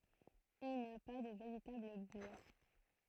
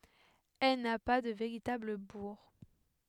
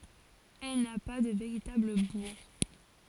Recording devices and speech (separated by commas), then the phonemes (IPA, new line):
throat microphone, headset microphone, forehead accelerometer, read sentence
ɛl na pa də veʁitabl buʁ